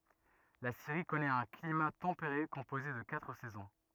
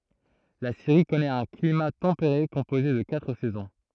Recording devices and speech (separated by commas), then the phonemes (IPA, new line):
rigid in-ear microphone, throat microphone, read sentence
la siʁi kɔnɛt œ̃ klima tɑ̃peʁe kɔ̃poze də katʁ sɛzɔ̃